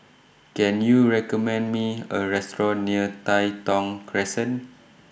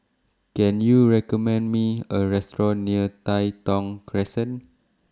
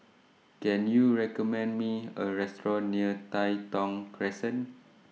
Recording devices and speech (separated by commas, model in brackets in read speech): boundary microphone (BM630), standing microphone (AKG C214), mobile phone (iPhone 6), read sentence